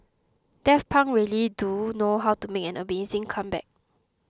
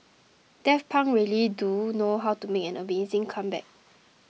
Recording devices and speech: close-talking microphone (WH20), mobile phone (iPhone 6), read sentence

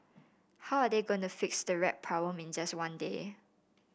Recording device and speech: boundary microphone (BM630), read sentence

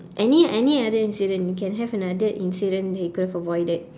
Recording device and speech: standing microphone, conversation in separate rooms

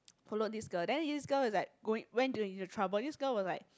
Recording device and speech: close-talking microphone, conversation in the same room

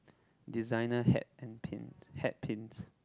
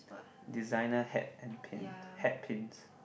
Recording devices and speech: close-talking microphone, boundary microphone, conversation in the same room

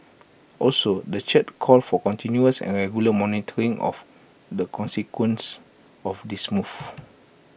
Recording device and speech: boundary microphone (BM630), read sentence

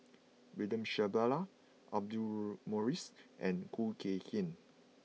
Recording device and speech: mobile phone (iPhone 6), read sentence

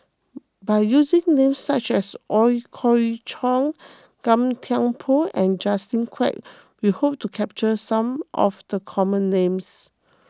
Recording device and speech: close-talking microphone (WH20), read sentence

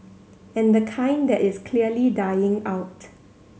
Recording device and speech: mobile phone (Samsung C7100), read sentence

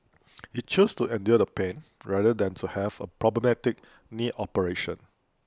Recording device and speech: close-talking microphone (WH20), read sentence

